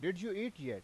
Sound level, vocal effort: 91 dB SPL, loud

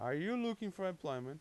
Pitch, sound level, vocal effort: 190 Hz, 92 dB SPL, loud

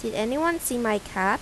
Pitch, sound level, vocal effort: 225 Hz, 84 dB SPL, normal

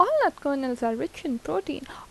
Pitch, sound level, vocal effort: 275 Hz, 81 dB SPL, normal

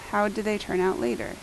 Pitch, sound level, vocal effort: 205 Hz, 80 dB SPL, normal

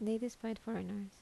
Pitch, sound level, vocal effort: 220 Hz, 75 dB SPL, soft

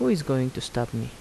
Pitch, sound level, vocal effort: 120 Hz, 78 dB SPL, soft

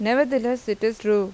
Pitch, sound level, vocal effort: 220 Hz, 88 dB SPL, normal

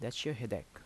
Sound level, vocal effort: 79 dB SPL, normal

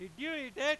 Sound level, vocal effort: 107 dB SPL, very loud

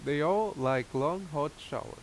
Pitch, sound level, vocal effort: 145 Hz, 87 dB SPL, loud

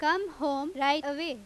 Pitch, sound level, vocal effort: 290 Hz, 93 dB SPL, very loud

